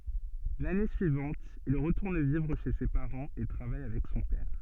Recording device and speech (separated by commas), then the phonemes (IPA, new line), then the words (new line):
soft in-ear microphone, read sentence
lane syivɑ̃t il ʁətuʁn vivʁ ʃe se paʁɑ̃z e tʁavaj avɛk sɔ̃ pɛʁ
L'année suivante il retourne vivre chez ses parents et travaille avec son père.